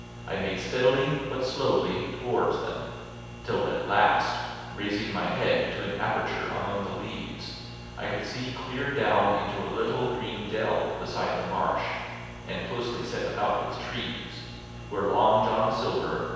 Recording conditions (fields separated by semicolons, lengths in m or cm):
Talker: one person; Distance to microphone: 7.1 m; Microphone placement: far; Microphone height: 1.7 m; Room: very reverberant, large; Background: none